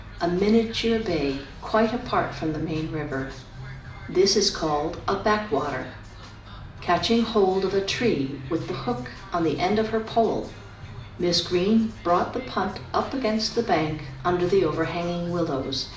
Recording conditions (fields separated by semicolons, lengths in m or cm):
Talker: one person; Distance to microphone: 2.0 m; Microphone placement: close; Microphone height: 99 cm; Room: medium-sized (5.7 m by 4.0 m); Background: music